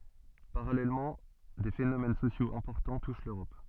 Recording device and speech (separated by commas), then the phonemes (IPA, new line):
soft in-ear microphone, read sentence
paʁalɛlmɑ̃ de fenomɛn sosjoz ɛ̃pɔʁtɑ̃ tuʃ løʁɔp